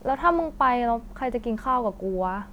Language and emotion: Thai, frustrated